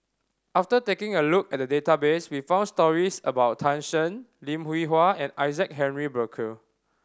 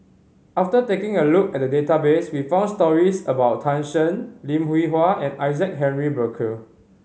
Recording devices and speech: standing microphone (AKG C214), mobile phone (Samsung C5010), read sentence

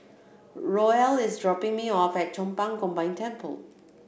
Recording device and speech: boundary microphone (BM630), read sentence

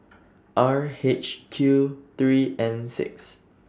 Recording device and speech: standing microphone (AKG C214), read sentence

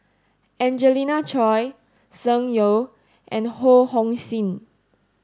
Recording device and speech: standing microphone (AKG C214), read sentence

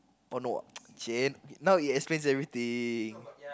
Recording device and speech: close-talking microphone, conversation in the same room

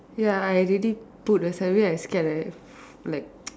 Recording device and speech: standing microphone, conversation in separate rooms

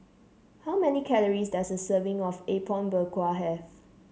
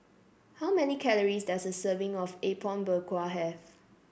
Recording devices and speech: mobile phone (Samsung C7), boundary microphone (BM630), read sentence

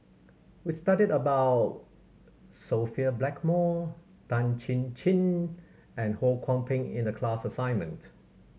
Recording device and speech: mobile phone (Samsung C7100), read sentence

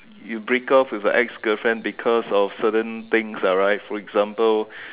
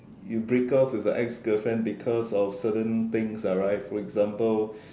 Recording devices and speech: telephone, standing microphone, conversation in separate rooms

